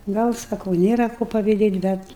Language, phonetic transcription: Lithuanian, ˈgal saˈkau ˈnėra ko paviˈdėt' ˈbet

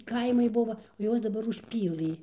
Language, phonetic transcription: Lithuanian, ˈkaimai ˈbuva o ˈjuos daˈbar užˈpylɨ

